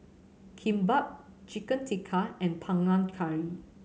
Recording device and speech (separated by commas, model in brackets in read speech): mobile phone (Samsung C7100), read sentence